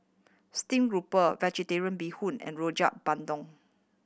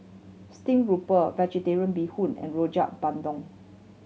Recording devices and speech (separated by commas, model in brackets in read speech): boundary microphone (BM630), mobile phone (Samsung C7100), read sentence